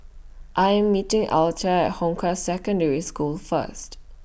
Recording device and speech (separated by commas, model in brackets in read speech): boundary microphone (BM630), read sentence